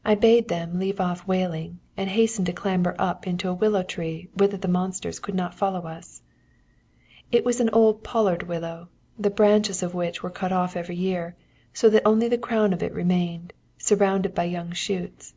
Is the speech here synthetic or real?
real